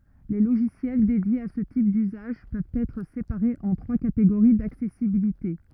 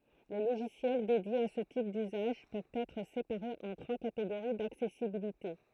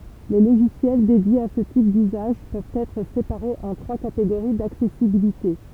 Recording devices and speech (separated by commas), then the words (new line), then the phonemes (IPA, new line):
rigid in-ear microphone, throat microphone, temple vibration pickup, read sentence
Les logiciels dédiés à ce type d’usage, peuvent être séparés en trois catégories d’accessibilité.
le loʒisjɛl dedjez a sə tip dyzaʒ pøvt ɛtʁ sepaʁez ɑ̃ tʁwa kateɡoʁi daksɛsibilite